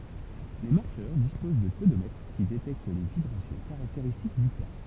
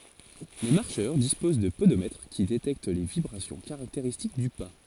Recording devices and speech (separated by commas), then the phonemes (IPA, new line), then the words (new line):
temple vibration pickup, forehead accelerometer, read sentence
le maʁʃœʁ dispoz də podomɛtʁ ki detɛkt le vibʁasjɔ̃ kaʁakteʁistik dy pa
Les marcheurs disposent de podomètres qui détectent les vibrations caractéristiques du pas.